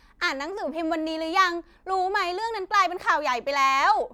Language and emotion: Thai, happy